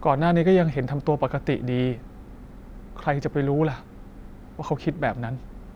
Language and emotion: Thai, frustrated